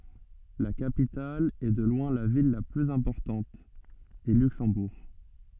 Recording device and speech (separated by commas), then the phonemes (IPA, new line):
soft in-ear microphone, read sentence
la kapital e də lwɛ̃ la vil la plyz ɛ̃pɔʁtɑ̃t ɛ lyksɑ̃buʁ